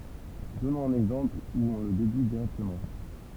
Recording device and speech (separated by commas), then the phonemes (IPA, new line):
temple vibration pickup, read sentence
dɔnɔ̃z œ̃n ɛɡzɑ̃pl u ɔ̃ lə dedyi diʁɛktəmɑ̃